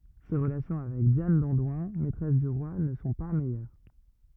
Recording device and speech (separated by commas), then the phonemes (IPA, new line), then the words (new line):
rigid in-ear microphone, read sentence
se ʁəlasjɔ̃ avɛk djan dɑ̃dwɛ̃ mɛtʁɛs dy ʁwa nə sɔ̃ pa mɛjœʁ
Ses relations avec Diane d'Andoins, maîtresse du roi ne sont pas meilleures.